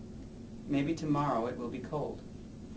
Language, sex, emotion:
English, male, neutral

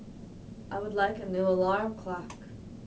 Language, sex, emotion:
English, female, neutral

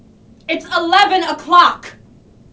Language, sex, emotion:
English, female, angry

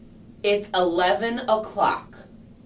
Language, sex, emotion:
English, female, neutral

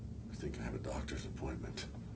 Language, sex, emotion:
English, male, neutral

